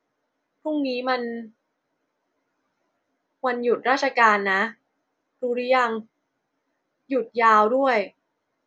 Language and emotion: Thai, neutral